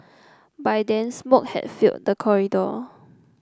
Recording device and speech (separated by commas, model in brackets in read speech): close-talking microphone (WH30), read sentence